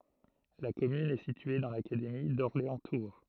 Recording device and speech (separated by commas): throat microphone, read sentence